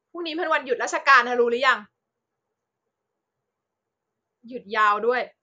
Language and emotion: Thai, frustrated